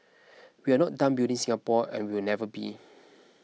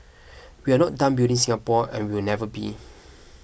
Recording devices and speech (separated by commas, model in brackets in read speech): mobile phone (iPhone 6), boundary microphone (BM630), read sentence